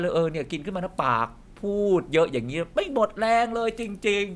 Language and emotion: Thai, frustrated